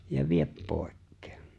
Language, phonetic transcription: Finnish, » ja "viep 'pòek̀kᴇᴇ . «
- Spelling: ja vie pois

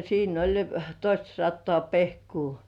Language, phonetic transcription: Finnish, siin ‿oĺ , 'toistasattoà "pehkuu .
- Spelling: siinä oli toistasataa pehkoa

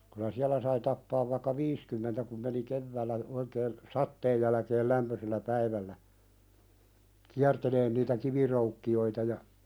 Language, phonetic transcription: Finnish, kylä 'siälä sai tappaav vaⁱkka "viiskymmentä kum meni "kevväällä , oikeen , 'satteej jälᵃ̈keel "lämpösellä "päivällä , 'kiärteleen niitä "kiviroukki₍oita ja ,.
- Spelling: kyllä siellä sai tappaa vaikka viisikymmentä kun meni keväällä oikein sateen jälkeen lämpöisellä päivällä kiertelemään niitä kiviröykkiöitä ja

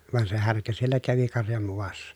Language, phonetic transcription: Finnish, van se härkä siellä kävi karjam muvassa .
- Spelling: vaan se härkä siellä kävi karjan muassa

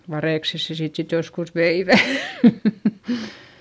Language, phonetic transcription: Finnish, varèkses se siit sit joskus veivä .
- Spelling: varikset sen siitä sitten joskus veivät

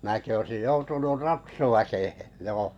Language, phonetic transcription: Finnish, määki oᵉsij 'joutunur "ratsuväkehe , 'joo .
- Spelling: minäkin olisin joutunut ratsuväkeen joo

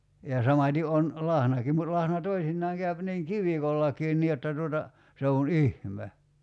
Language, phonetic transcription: Finnish, ja 'samat́i 'on , 'lahnakim mut 'lahna 'toisinnaaŋ käyp 'niiŋ "kivikollakiin 'nii jotta tuota , 'se on "ihme .
- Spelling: ja samaten on lahnakin mutta lahna toisinaan käy niin kivikollakin niin jotta tuota se on ihme

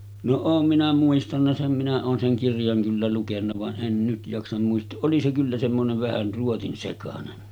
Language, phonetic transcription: Finnish, no 'oom minä muistanna 'sem minä oon seŋ 'kirjaŋ kyllä lukenna vaˀ 'ˀen 'nyt jaksam muistooˀ 'ˀoli se kyllä semmonev 'vähän̳§ ruotinsekanen .
- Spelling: no olen minä muistanut sen minä olen sen kirjan kyllä lukenut vaan en nyt jaksa muistaa oli se kyllä semmoinen vähän ruotsinsekainen

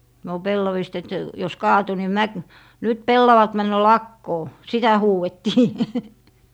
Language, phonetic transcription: Finnish, no 'pellavista et , jos 'kaatu ni "mä- , » 'nyt "pellavat 'männö "lakkoo » , 'sitä 'huuʷettii .
- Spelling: no pellavista että jos kaatui niin - nyt pellavat menee lakoon sitä huudettiin

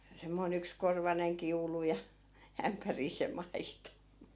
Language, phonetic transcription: Finnish, semmoi'n ‿ykskorvaneŋ 'kiulu ja 'ämpärii se 'maito .
- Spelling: semmoinen yksikorvainen kiulu ja ämpäriin se maito

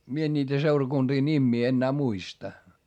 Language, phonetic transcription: Finnish, mie en ńiitä seurakunDii ńimmii ennää muista .
- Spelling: minä en niitä seurakuntien nimiä enää muista

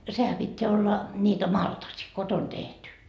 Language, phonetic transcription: Finnish, 'sehä pitteä olla , ńiitä "maltasi , 'koton 'tehty .
- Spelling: sehän pitää olla niitä maltasia kotona tehty

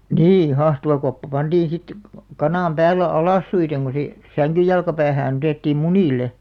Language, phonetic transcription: Finnish, nii 'hahtuvakoppa panᴅiin̬ sit , 'kanàm 'pääl̆§le "alàssuiteŋ ɢo se , "säŋkyj jalka'päähään ‿otèttiim "mumìle .
- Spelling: niin hahtuvakoppa pantiin sitten kanan päälle alassuin kun se sängyn jalkopäähän otettiin munille

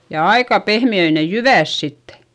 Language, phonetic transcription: Finnish, ja aika pehmi₍öi ne jyvä̀s sittE .
- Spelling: ja aika pehmeitä ne jyvät sitten

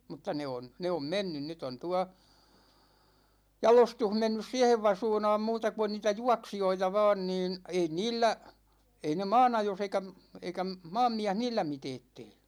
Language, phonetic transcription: Finnish, mutta 'ne on , 'ne om "mennyn 'nyt ‿on 'tua , "jalostuh 'mennys siɛhev 'vasuunaam muuta ku on niitä "juaksijoita vaan niin , ei 'niillä , ei ne "maanajos eikä m- , 'eikä m- , "maammiäh 'niillä 'miteet tee .
- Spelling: mutta ne on ne on mennyt nyt on tuolla jalostus mennyt siihen vasuunaan muuta kun on niitä juoksijoita vain niin ei niillä ei ne maanajossa eikä - eikä - maanmies niillä mitään tee

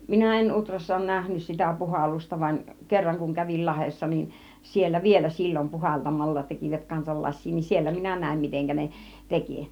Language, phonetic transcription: Finnish, 'minä 'en "Utrassa òun 'nähnys sitä 'puhallusta vań , 'kerraŋ kuŋ kävil 'Lahessa nin , 'siellä "vielä 'sil͕l͕om 'puhaltamalla tekivät kansal 'las̆sii niin , 'siellä minä 'nä̀im miteŋkä 'ne , 'teki .
- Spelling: minä en Utrassa ole nähnyt sitä puhallusta vaan kerran kun kävin Lahdessa niin siellä vielä silloin puhaltamalla tekivät kanssa lasia niin siellä minä näin miten ne teki

